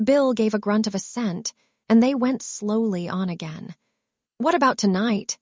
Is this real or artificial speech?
artificial